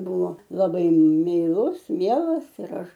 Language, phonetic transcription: Lithuanian, ˈbuvo laˈbai meiˈlus ˈmielas ir ˈaš

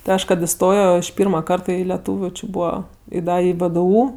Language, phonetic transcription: Lithuanian, ti ˈaš kad iˈstojo iš ˈpyrma ˈkarta i leˈtūviu či ˈbūva i ˈda i vdu

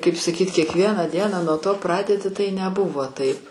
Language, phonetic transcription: Lithuanian, kaip saˈkyt' kiekˈvieną ˈdieną nuo ˈto ˈpradedi ˈtai neˈbuvo ˈtaip

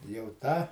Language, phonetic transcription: Lithuanian, jau ˈtą

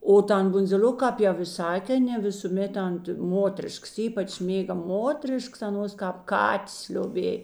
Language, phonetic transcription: Lithuanian, o ˈtan bundziˈl'oka ˈkāp jau i ˈsak aˈnė ne visūˈmėt ant ˈmotrišks ˈypač ˈmėga ˈmotrišks aˈnuos kāp ˈkatės lioˈbėj

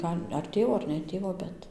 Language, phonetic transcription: Lithuanian, ˈgal' ar ˈtėvo ar ne ˈtėvo ˈbet

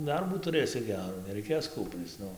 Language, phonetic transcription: Lithuanian, ˈdarbų tuˈrɘsi ˈgerų neraiˈkės ˈkūpryc ˈnu

